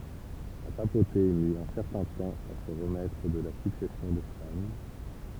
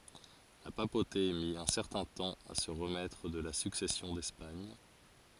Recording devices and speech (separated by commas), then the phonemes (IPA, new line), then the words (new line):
temple vibration pickup, forehead accelerometer, read sentence
la papote mi œ̃ sɛʁtɛ̃ tɑ̃ a sə ʁəmɛtʁ də la syksɛsjɔ̃ dɛspaɲ
La papauté mit un certain temps à se remettre de la Succession d'Espagne.